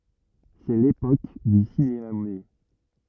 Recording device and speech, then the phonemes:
rigid in-ear microphone, read sentence
sɛ lepok dy sinema myɛ

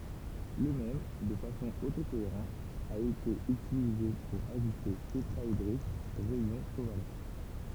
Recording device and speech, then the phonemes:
temple vibration pickup, read sentence
lə mɛm də fasɔ̃ oto koeʁɑ̃ a ete ytilize puʁ aʒyste tetʁaedʁik ʁɛjɔ̃ koval

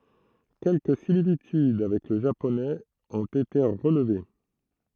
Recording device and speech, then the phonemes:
throat microphone, read sentence
kɛlkə similityd avɛk lə ʒaponɛz ɔ̃t ete ʁəlve

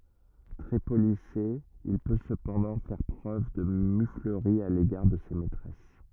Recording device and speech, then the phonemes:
rigid in-ear microphone, read sentence
tʁɛ polise il pø səpɑ̃dɑ̃ fɛʁ pʁøv də myfləʁi a leɡaʁ də se mɛtʁɛs

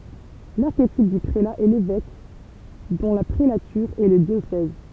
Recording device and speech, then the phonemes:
temple vibration pickup, read sentence
laʁketip dy pʁela ɛ levɛk dɔ̃ la pʁelatyʁ ɛ lə djosɛz

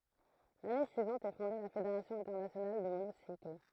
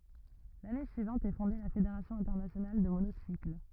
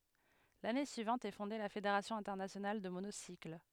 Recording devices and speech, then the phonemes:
throat microphone, rigid in-ear microphone, headset microphone, read sentence
lane syivɑ̃t ɛ fɔ̃de la fedeʁasjɔ̃ ɛ̃tɛʁnasjonal də monosikl

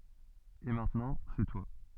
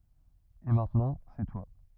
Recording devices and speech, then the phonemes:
soft in-ear microphone, rigid in-ear microphone, read sentence
e mɛ̃tnɑ̃ sɛ twa

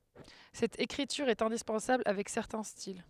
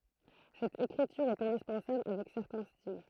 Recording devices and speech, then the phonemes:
headset microphone, throat microphone, read sentence
sɛt ekʁityʁ ɛt ɛ̃dispɑ̃sabl avɛk sɛʁtɛ̃ stil

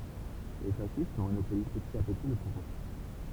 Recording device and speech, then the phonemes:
temple vibration pickup, read sentence
le fasist monopoliz pətit a pəti lə puvwaʁ

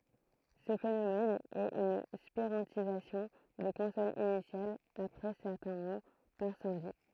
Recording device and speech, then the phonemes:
throat microphone, read sentence
sə fenomɛn ɛt yn spiʁɑ̃tizasjɔ̃ de kɔ̃sɔnz inisjalz apʁɛ sɛʁtɛ̃ mo paʁ sɑ̃di

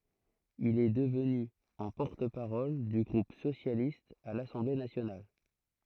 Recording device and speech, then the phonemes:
throat microphone, read sentence
il ɛ dəvny ɑ̃ pɔʁt paʁɔl dy ɡʁup sosjalist a lasɑ̃ble nasjonal

